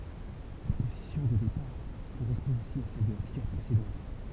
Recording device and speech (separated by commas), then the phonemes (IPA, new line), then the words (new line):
temple vibration pickup, read sentence
la pozisjɔ̃ də depaʁ koʁɛspɔ̃ ɛ̃si a sɛl də la fiɡyʁ pʁesedɑ̃t
La position de départ correspond ainsi à celle de la figure précédente.